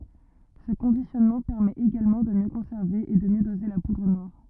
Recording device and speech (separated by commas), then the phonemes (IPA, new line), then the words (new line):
rigid in-ear microphone, read sentence
sə kɔ̃disjɔnmɑ̃ pɛʁmɛt eɡalmɑ̃ də mjø kɔ̃sɛʁve e də mjø doze la pudʁ nwaʁ
Ce conditionnement permet également de mieux conserver et de mieux doser la poudre noire.